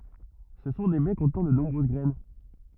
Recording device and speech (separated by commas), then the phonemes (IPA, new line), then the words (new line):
rigid in-ear microphone, read sentence
sə sɔ̃ de bɛ kɔ̃tnɑ̃ də nɔ̃bʁøz ɡʁɛn
Ce sont des baies contenant de nombreuses graines.